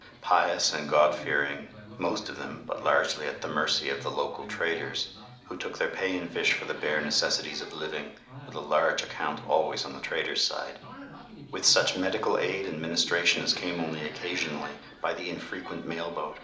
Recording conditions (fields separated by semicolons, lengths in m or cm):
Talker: one person; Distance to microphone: 2.0 m; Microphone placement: close; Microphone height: 99 cm; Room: medium-sized (5.7 m by 4.0 m); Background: television